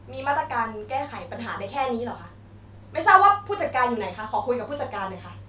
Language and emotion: Thai, angry